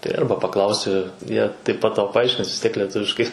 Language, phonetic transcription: Lithuanian, tai ˈarba paˈklausi ˈjie taip pat ˈtau paˈaiškins vis ˈtiek leˈtuviškai

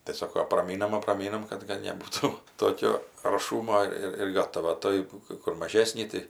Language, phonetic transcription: Lithuanian, tai ˈsoko apraˈmynam apraˈmynam ˈkad kad neˈbūtų ˈtokio arˈšūmo ˈir ir ˈgatava ˈtoj kɜ ˈkur maˈžesnį ˈtai

